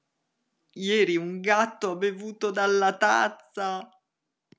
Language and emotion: Italian, disgusted